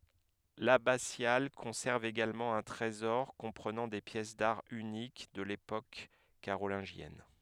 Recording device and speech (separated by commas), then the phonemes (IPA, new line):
headset microphone, read sentence
labasjal kɔ̃sɛʁv eɡalmɑ̃ œ̃ tʁezɔʁ kɔ̃pʁənɑ̃ de pjɛs daʁ ynik də lepok kaʁolɛ̃ʒjɛn